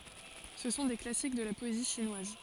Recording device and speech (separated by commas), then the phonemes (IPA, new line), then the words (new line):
forehead accelerometer, read sentence
sə sɔ̃ de klasik də la pɔezi ʃinwaz
Ce sont des classiques de la poésie chinoise.